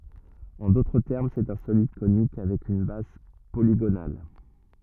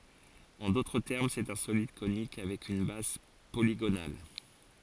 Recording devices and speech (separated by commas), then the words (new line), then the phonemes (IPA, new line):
rigid in-ear microphone, forehead accelerometer, read sentence
En d'autres termes, c'est un solide conique avec une base polygonale.
ɑ̃ dotʁ tɛʁm sɛt œ̃ solid konik avɛk yn baz poliɡonal